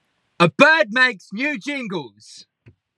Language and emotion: English, neutral